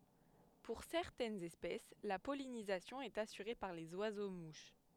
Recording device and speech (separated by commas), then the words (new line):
headset microphone, read sentence
Pour certaines espèces, la pollinisation est assurée par les oiseaux-mouches.